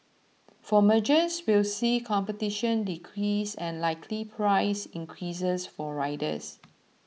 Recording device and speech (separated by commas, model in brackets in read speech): mobile phone (iPhone 6), read sentence